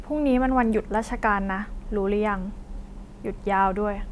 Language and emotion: Thai, frustrated